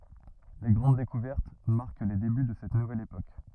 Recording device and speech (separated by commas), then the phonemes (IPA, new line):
rigid in-ear microphone, read sentence
le ɡʁɑ̃d dekuvɛʁt maʁk le deby də sɛt nuvɛl epok